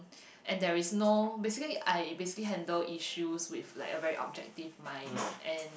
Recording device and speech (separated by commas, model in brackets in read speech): boundary microphone, conversation in the same room